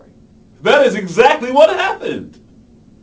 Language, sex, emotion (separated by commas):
English, male, happy